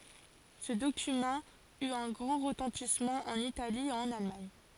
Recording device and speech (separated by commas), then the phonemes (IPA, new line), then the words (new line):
forehead accelerometer, read sentence
sə dokymɑ̃ yt œ̃ ɡʁɑ̃ ʁətɑ̃tismɑ̃ ɑ̃n itali e ɑ̃n almaɲ
Ce document eut un grand retentissement en Italie et en Allemagne.